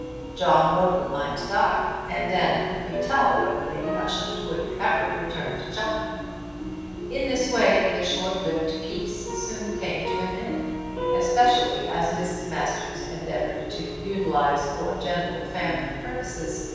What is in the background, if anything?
Music.